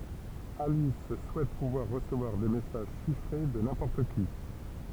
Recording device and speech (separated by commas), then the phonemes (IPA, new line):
temple vibration pickup, read sentence
alis suɛt puvwaʁ ʁəsəvwaʁ de mɛsaʒ ʃifʁe də nɛ̃pɔʁt ki